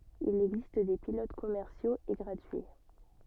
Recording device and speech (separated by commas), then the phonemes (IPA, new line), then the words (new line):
soft in-ear microphone, read sentence
il ɛɡzist de pilot kɔmɛʁsjoz e ɡʁatyi
Il existe des pilotes commerciaux et gratuits.